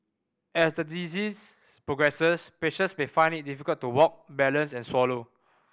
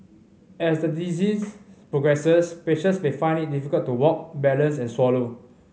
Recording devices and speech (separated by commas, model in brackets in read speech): boundary microphone (BM630), mobile phone (Samsung C5010), read sentence